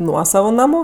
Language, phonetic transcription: Lithuanian, ˈnuosavu naˈmu

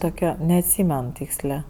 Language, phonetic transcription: Lithuanian, ˈtoke neatˈsymen ˈtykslė

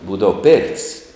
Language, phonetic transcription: Lithuanian, ˈbūdava pėr't's'

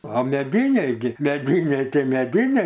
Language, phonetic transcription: Lithuanian, o meˈdyniai gi meˈdyniai ˈtai meˈdyniai

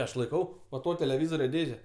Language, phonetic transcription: Lithuanian, ˈaš laiˈkau va ˈto teleˈvizorio ˈdėže

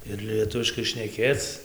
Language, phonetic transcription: Lithuanian, ir lieˈtuviškai šneˈkėc

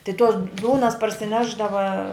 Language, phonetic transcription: Lithuanian, tai tos ˈdūnas parsiˈnešdava

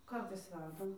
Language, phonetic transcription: Lithuanian, ˈkartais ˈverdam

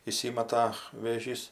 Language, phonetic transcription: Lithuanian, įˈsymata vėˈžys

